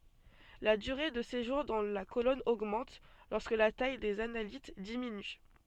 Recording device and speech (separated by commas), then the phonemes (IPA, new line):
soft in-ear microphone, read sentence
la dyʁe də seʒuʁ dɑ̃ la kolɔn oɡmɑ̃t lɔʁskə la taj dez analit diminy